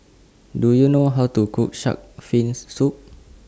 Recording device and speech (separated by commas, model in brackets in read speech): standing microphone (AKG C214), read sentence